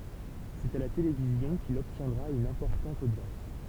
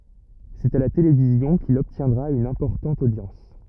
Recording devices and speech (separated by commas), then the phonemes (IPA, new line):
temple vibration pickup, rigid in-ear microphone, read sentence
sɛt a la televizjɔ̃ kil ɔbtjɛ̃dʁa yn ɛ̃pɔʁtɑ̃t odjɑ̃s